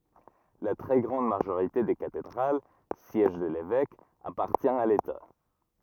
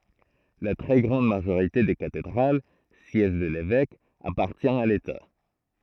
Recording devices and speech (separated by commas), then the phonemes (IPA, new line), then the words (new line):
rigid in-ear microphone, throat microphone, read sentence
la tʁɛ ɡʁɑ̃d maʒoʁite de katedʁal sjɛʒ də levɛk apaʁtjɛ̃ a leta
La très grande majorité des cathédrales, siège de l'évêque, appartient à l'État.